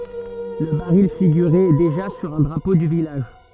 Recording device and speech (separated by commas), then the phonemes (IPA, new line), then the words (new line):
soft in-ear microphone, read sentence
lə baʁil fiɡyʁɛ deʒa syʁ œ̃ dʁapo dy vilaʒ
Le baril figurait déjà sur un drapeau du village.